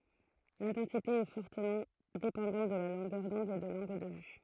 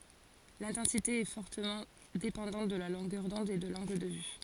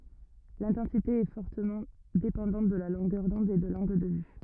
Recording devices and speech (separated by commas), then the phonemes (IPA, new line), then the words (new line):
throat microphone, forehead accelerometer, rigid in-ear microphone, read sentence
lɛ̃tɑ̃site ɛ fɔʁtəmɑ̃ depɑ̃dɑ̃t də la lɔ̃ɡœʁ dɔ̃d e də lɑ̃ɡl də vy
L'intensité est fortement dépendante de la longueur d'onde et de l'angle de vue.